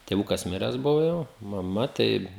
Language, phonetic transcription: Lithuanian, tėˈvukas ˈmires ˈbuvo jau maˈma ˈtai

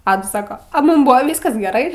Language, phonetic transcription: Lithuanian, ˈadas ˈsaka a ˈmūm ˈbūva ˈvyskas geˈrai

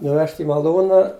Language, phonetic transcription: Lithuanian, nuˈvežt' i maˈlūna

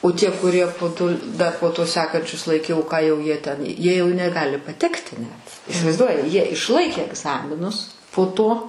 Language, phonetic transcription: Lithuanian, o ˈtie kuˈrie po ˈto da po ˈto ˈsekančius laiˈkiau ˈką jau ˈjie ten ˈjie jau neˈgali paˈtekti net isivaiˈzduoji ˈjie išˈlaikė egˈzaminus po ˈto

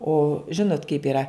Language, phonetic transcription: Lithuanian, o ˈžinot kaip yˈra

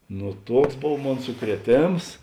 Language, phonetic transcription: Lithuanian, nu ˈtuoks ˈbov ˈmon sukrieˈtėms

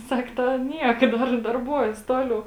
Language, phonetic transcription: Lithuanian, ˈsak ˈta ˈniek ˈdar darˈbuojas ˈtoˌliau

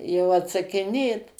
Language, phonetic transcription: Lithuanian, jau atsakiˈnėt

